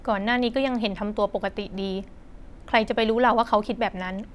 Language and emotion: Thai, frustrated